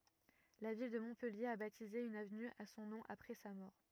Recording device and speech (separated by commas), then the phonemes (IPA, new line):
rigid in-ear microphone, read sentence
la vil də mɔ̃pɛlje a batize yn avny a sɔ̃ nɔ̃ apʁɛ sa mɔʁ